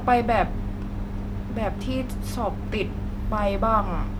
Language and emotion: Thai, frustrated